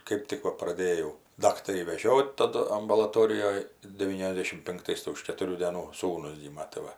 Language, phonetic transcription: Lithuanian, ˈkɜp tik ˈva praˈdėjau ˈdaktarį veˈžiot taˈdu ambulaˈtorijoj deˈvyniasˌdėšim pinkˈtais tai už ketuˈrių dėˈnų ˈsūnus ˈgyma tai ˈva

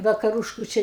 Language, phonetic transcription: Lithuanian, vakaˈrušku ˈčia

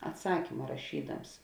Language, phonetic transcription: Lithuanian, atˈsakima raˈšydams

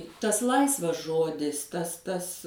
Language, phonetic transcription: Lithuanian, ˈtas ˈlaisvas ˈžodis ˈtas ˈtas

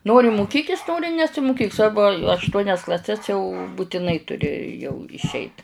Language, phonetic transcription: Lithuanian, ˈnori muˈkykis ˈnori nesimuˈkyk ˈsvarbu ašˈtuonias klaˈses jau butiˈnai tuˈri jau išˈeit

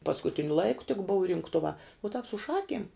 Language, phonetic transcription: Lithuanian, paskuˈtiniu ˈlaiku tik buv rinkˈtuvā u tāp su ˈšakiem

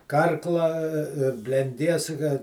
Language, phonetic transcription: Lithuanian, ˈkarkla blenˈdies ka

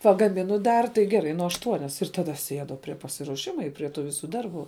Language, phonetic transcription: Lithuanian, pagaˈminu ˈdar tai geˈrai nu ašˈtuonias ir taˈda aš ˈsiedu prie pasiruoˈšimu i prie ˈtų ˈvisu ˈdarˌbų

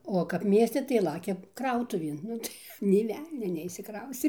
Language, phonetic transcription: Lithuanian, o kap ˈmieste tai ˈlakia ˈkrautuvėn ˈnu tai nė ˈvelnio neišsiˈkraustė nė ˈvelnio neišsiˈkraustė

